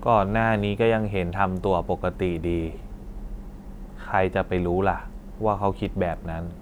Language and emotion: Thai, frustrated